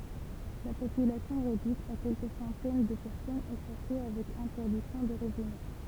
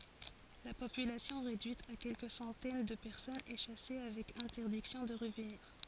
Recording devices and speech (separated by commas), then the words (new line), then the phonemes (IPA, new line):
temple vibration pickup, forehead accelerometer, read sentence
La population réduite à quelques centaines de personnes est chassée avec interdiction de revenir.
la popylasjɔ̃ ʁedyit a kɛlkə sɑ̃tɛn də pɛʁsɔnz ɛ ʃase avɛk ɛ̃tɛʁdiksjɔ̃ də ʁəvniʁ